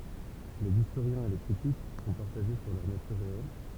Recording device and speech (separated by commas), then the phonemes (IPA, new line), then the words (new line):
temple vibration pickup, read sentence
lez istoʁjɛ̃z e le kʁitik sɔ̃ paʁtaʒe syʁ lœʁ natyʁ ʁeɛl
Les historiens et les critiques sont partagés sur leur nature réelle.